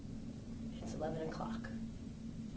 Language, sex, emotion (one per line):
English
female
neutral